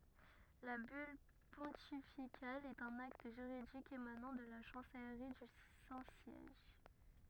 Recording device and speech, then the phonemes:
rigid in-ear microphone, read sentence
la byl pɔ̃tifikal ɛt œ̃n akt ʒyʁidik emanɑ̃ də la ʃɑ̃sɛlʁi dy sɛ̃ sjɛʒ

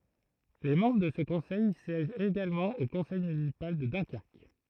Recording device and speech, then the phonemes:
throat microphone, read sentence
le mɑ̃bʁ də sə kɔ̃sɛj sjɛʒt eɡalmɑ̃ o kɔ̃sɛj mynisipal də dœ̃kɛʁk

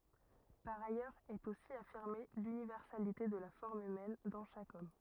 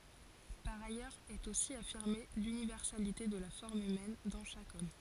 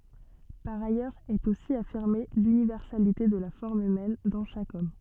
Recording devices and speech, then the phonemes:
rigid in-ear microphone, forehead accelerometer, soft in-ear microphone, read sentence
paʁ ajœʁz ɛt osi afiʁme lynivɛʁsalite də la fɔʁm ymɛn dɑ̃ ʃak ɔm

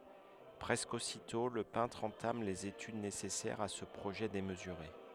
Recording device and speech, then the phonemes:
headset microphone, read sentence
pʁɛskə ositɔ̃ lə pɛ̃tʁ ɑ̃tam lez etyd nesɛsɛʁz a sə pʁoʒɛ demzyʁe

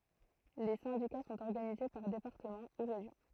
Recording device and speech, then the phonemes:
throat microphone, read sentence
le sɛ̃dika sɔ̃t ɔʁɡanize paʁ depaʁtəmɑ̃ u ʁeʒjɔ̃

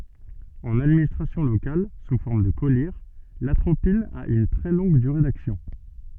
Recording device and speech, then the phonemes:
soft in-ear microphone, read sentence
ɑ̃n administʁasjɔ̃ lokal su fɔʁm də kɔliʁ latʁopin a yn tʁɛ lɔ̃ɡ dyʁe daksjɔ̃

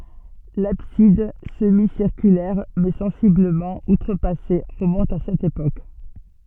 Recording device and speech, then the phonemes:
soft in-ear microphone, read sentence
labsid səmisiʁkylɛʁ mɛ sɑ̃sibləmɑ̃ utʁəpase ʁəmɔ̃t a sɛt epok

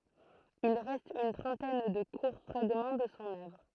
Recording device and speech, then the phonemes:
throat microphone, read sentence
il ʁɛst yn tʁɑ̃tɛn də kuʁ fʁaɡmɑ̃ də sɔ̃ œvʁ

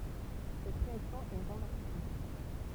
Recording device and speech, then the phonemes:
temple vibration pickup, read sentence
sɛt ʁeaksjɔ̃ ɛ ʁɑ̃vɛʁsabl

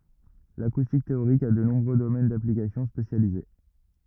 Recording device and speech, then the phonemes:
rigid in-ear microphone, read sentence
lakustik teoʁik a də nɔ̃bʁø domɛn daplikasjɔ̃ spesjalize

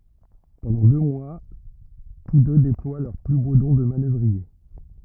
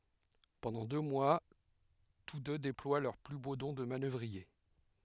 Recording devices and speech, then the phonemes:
rigid in-ear microphone, headset microphone, read sentence
pɑ̃dɑ̃ dø mwa tus dø deplwa lœʁ ply bo dɔ̃ də manœvʁie

